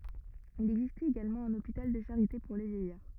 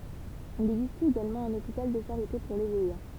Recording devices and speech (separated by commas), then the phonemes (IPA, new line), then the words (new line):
rigid in-ear microphone, temple vibration pickup, read sentence
il ɛɡzistɛt eɡalmɑ̃ œ̃n opital də ʃaʁite puʁ le vjɛjaʁ
Il existait également un hôpital de charité pour les vieillards.